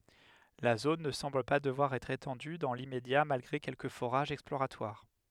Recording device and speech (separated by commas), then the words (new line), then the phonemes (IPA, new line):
headset microphone, read sentence
La zone ne semble pas devoir être étendue dans l'immédiat malgré quelques forages exploratoires.
la zon nə sɑ̃bl pa dəvwaʁ ɛtʁ etɑ̃dy dɑ̃ limmedja malɡʁe kɛlkə foʁaʒz ɛksploʁatwaʁ